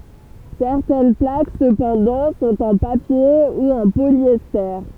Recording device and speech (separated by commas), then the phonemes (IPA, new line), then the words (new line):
temple vibration pickup, read sentence
sɛʁtɛn plak səpɑ̃dɑ̃ sɔ̃t ɑ̃ papje u ɑ̃ poljɛste
Certaines plaques cependant sont en papier ou en polyester.